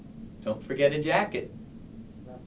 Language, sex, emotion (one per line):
English
male
happy